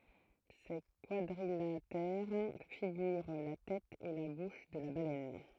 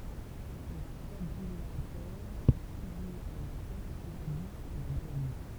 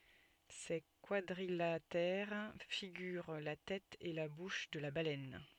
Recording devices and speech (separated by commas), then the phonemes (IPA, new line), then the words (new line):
throat microphone, temple vibration pickup, soft in-ear microphone, read sentence
se kwadʁilatɛʁ fiɡyʁ la tɛt e la buʃ də la balɛn
Ces quadrilatères figurent la tête et la bouche de la baleine.